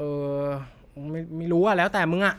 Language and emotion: Thai, frustrated